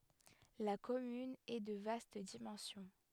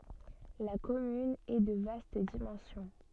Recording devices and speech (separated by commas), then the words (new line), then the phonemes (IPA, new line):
headset microphone, soft in-ear microphone, read sentence
La commune est de vaste dimension.
la kɔmyn ɛ də vast dimɑ̃sjɔ̃